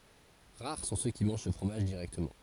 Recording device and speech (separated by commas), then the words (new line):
forehead accelerometer, read sentence
Rares sont ceux qui mangent ce fromage directement.